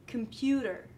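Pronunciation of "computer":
In 'computer', the vowel in the first syllable, 'com', is so reduced that it almost sounds dropped completely.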